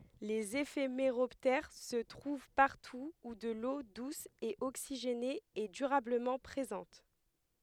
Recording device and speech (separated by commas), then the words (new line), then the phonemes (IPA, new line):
headset microphone, read sentence
Les éphéméroptères se trouvent partout où de l'eau douce et oxygénée est durablement présente.
lez efemeʁɔptɛʁ sə tʁuv paʁtu u də lo dus e oksiʒene ɛ dyʁabləmɑ̃ pʁezɑ̃t